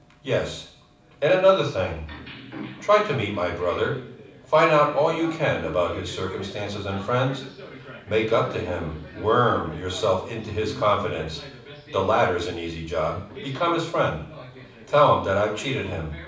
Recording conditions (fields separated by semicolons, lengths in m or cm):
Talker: one person; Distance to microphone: 5.8 m; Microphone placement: far; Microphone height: 1.8 m; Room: medium-sized (5.7 m by 4.0 m); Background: television